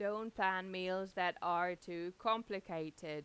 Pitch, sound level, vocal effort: 185 Hz, 92 dB SPL, normal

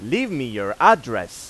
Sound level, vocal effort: 98 dB SPL, very loud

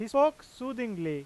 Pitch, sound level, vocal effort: 245 Hz, 94 dB SPL, loud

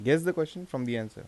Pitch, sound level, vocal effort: 140 Hz, 85 dB SPL, normal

